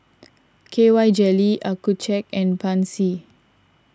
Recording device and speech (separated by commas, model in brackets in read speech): standing microphone (AKG C214), read sentence